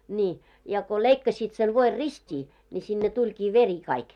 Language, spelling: Finnish, niin ja kun leikkasivat sen voin ristiin niin sinne tulikin veri kaikki
- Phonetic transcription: ńii , ja ko 'leikkasit sen 'voir "rist́ii , ńi sinne 'tuĺkii "veri kaik .

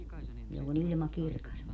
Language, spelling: Finnish, jolloin ilma kirkas on
- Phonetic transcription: jollo'n ‿ilma 'kirkas on .

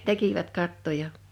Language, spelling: Finnish, tekivät kattoja
- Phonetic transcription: 'tekivät 'kattoja .

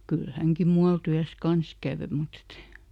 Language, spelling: Finnish, kyllä hänkin muualla työssä kanssa kävi mutta että ei
- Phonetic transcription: kyl ˈhäŋki "mual ˈtyäs "kans ˈkä̀vö mut et ‿e ,.

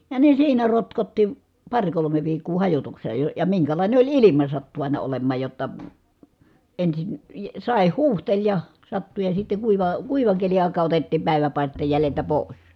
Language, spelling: Finnish, ja ne siinä rotkotti pari kolme viikkoa - - ja minkälainen oli ilma sattui aina olemaan jotta ensin sade huuhteli ja sattui ja sitten kuiva kuivan keli aikaa otettiin päiväpaisteen jäljeltä pois
- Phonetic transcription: ja ne siinä rotkotti , paŕ kolome viikkuu hajotukse- , ə ja miŋkälàine oĺ ilima sattu àina olem̆maaj jotta , ensin , sàeh huuhteĺ ja , sattu ja sitte kuiva , kuivaŋ keli àikaa otettiim pä̀i̮väpàisteej jäleltä pòis .

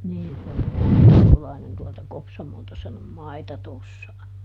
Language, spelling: Finnish, niin se on se Veikkolainen tuolta Kopsamolta sen on maita tuossa
- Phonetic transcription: ˈniin se on (se Veikkolainen) tualta ˈKopsamolta sen ‿om "mai̮ta ˈtossa .

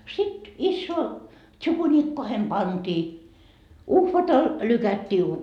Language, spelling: Finnish, sitten isoihin tsukunikkoihin pantiin uhvatalla lykättiiin -
- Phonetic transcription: sit , issoo , 'tšukuniikkohem "pantii , "uhvatal , 'lykättii u- ,.

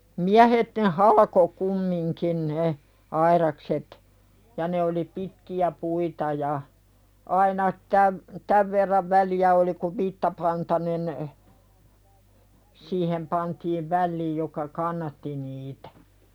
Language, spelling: Finnish, miehet ne halkoi kumminkin ne aidakset ja ne oli pitkiä puita ja aina tämän tämän verran väliä oli kun vitsapantanen siihen pantiin väliin joka kannatti niitä
- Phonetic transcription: 'miähet ne "haĺako kummiŋkin ne , 'aiðakset , ja ne oli "pitki₍ä 'puita ja , aina 'täv , 'täv verrav "väli₍ä oli kuv 'vittapantanen , siihem pantiiv "välliij joka "kannatti niitᴀ̈ .

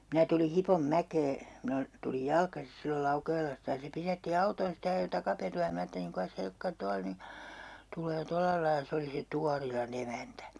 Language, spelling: Finnish, minä tuli Hiponmäkeen minä - tulin jalkaisin silloin Laukeelasta ja se pysäytti autonsa sitten ja ajoi takaperua ja minä ajattelin kukas helkkari tuolla nyt tulee tuolla lailla se oli se Tuorilan emäntä
- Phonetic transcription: 'minä tuli 'Hipom'mäkee , minä o- , tulij "jalkasis sillol 'Laukeelasta ja se 'pisätti 'autoons ste ja ajo 'takaperu₍a ja 'minᵃ̈ aatteliŋ "ku₍as 'helkka(ri) 'tualᵃ 'ny , 'tul̀ee 'tollalailᵃ 'se oli se "Tuarila'n ‿emäntä .

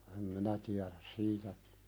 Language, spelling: Finnish, en minä tiedä siitä
- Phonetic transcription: em 'minä tiäðäs "siitä ,.

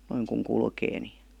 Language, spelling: Finnish, noin kun kulkee niin
- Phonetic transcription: noiŋ kuŋ 'kulkee ni .

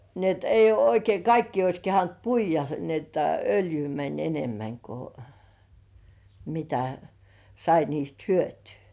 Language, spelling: Finnish, niin että ei ole oikein kaikkia olisi kehdannut puida niin että öljyä meni enemmän kun mitä sai niistä hyötyä
- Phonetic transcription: ni ‿et eij̆j ‿uo oikei 'kaikkii ois 'kehant "puij̆ja , ni ‿että "öljyy mäń 'enemmäŋ ko , mitä , 'sai niist "hyötyy .

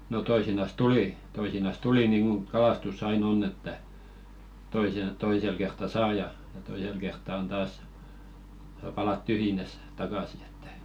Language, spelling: Finnish, no toisinaan tuli toisinaan tuli niin kuin kalastus aina on että - toisella kertaa saa ja ja toisella kertaa on taas saa palata tyhjinään takaisin että
- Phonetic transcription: no 'toisinas "tuli , 'toisinas "tuli niiŋɢuŋ 'kalastus's ‿ai"n ‿onn ‿että , toisen̬- 'toisel kertta 'saa ja , ja 'toisel kertta on 'taas , sa̳§ palat "tyhjinäs , 'takàsi ᴇttᴀ̈ .

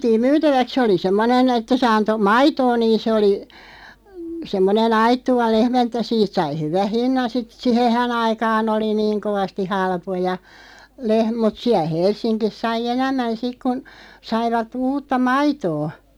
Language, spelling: Finnish, vietiin myytäväksi se oli semmoinen että se antoi maitoa niin se oli semmoinen aittuva lehmä että siitä sai hyvän hinnan sitten siihenhän aikaan oli niin kovasti halpoja - mutta siellä Helsingissä sai enemmän sitten kun saivat uutta maitoa
- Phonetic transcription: viätiim 'myytäväk 'se oli 'semmonen ‿että se 'anto "maitoo niin sᵉ oli , 'semmone"n ‿aittuva 'lehmä että 'siit sai 'hyväʰ "hinnan sit "sihehä'n ‿aikaan ‿oli 'niiŋ kovasti 'halpoja , leh- mut 'siäˡ "Hels̆siŋkis 'sai "enämmän 'sik kun , 'saivat 'uutta "maitoo .

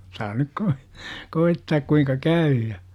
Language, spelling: Finnish, saa nyt - koettaa kuinka käy ja
- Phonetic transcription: saa nyk koi- , "koittaak kuiŋka 'kä₍yy ja .

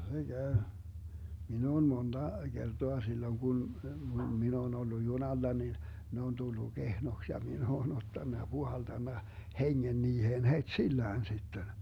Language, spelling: Finnish, kyllä se käy minä olen monta kertaa silloin kun minä olen ollut junalla niin ne on tullut kehnoksi ja minä olen ottanut ja puhaltanut hengen niihin heti sillään sitten
- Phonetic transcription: (kyllä se käy.) 'min ‿oon 'monDa , 'Gertoa silloŋ Gun , 'min ‿oon ollu "junalla nin , 'ne on 'tullu "Gehnoks ja 'min ‿oon 'ottanna ja 'Buhaltanna , "heŋŋen 'niiheen het"sillään sitten .

